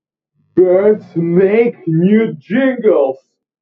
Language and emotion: English, disgusted